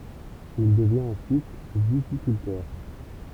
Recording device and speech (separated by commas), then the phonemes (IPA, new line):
temple vibration pickup, read sentence
il dəvjɛ̃t ɑ̃syit vitikyltœʁ